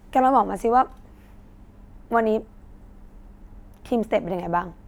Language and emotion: Thai, frustrated